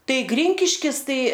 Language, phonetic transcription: Lithuanian, ˈtai ˈgrinkiškis ˈtai

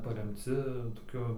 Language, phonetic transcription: Lithuanian, paremˈci toˈkiu

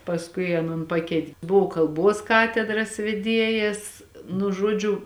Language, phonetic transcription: Lithuanian, pasˈkui aˈnon ˈpakeit' ˈbuvo kalˈbuos ˈkatedras veˈdiejas nu ˈžuodžiu

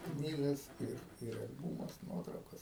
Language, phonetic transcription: Lithuanian, ˈknygas ir ir al'ˈbūmus ˈnuotraukas

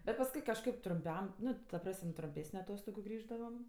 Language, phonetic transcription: Lithuanian, bet pasˈkui kažˈkaip trumˈpiam ˈnu ta ˈpras'm' trumˈpėsniu aˈtostogu ˈgrįždavam

